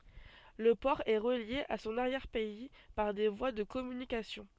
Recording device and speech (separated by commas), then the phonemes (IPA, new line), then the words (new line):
soft in-ear microphone, read sentence
lə pɔʁ ɛ ʁəlje a sɔ̃n aʁjɛʁ pɛi paʁ de vwa də kɔmynikasjɔ̃
Le port est relié à son arrière-pays par des voies de communication.